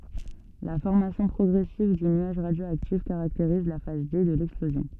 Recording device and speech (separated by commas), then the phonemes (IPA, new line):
soft in-ear microphone, read sentence
la fɔʁmasjɔ̃ pʁɔɡʁɛsiv dy nyaʒ ʁadjoaktif kaʁakteʁiz la faz de də lɛksplozjɔ̃